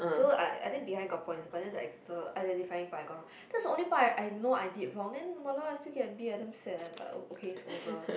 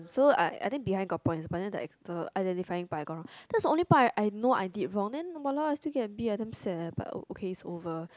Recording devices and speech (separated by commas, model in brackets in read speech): boundary microphone, close-talking microphone, conversation in the same room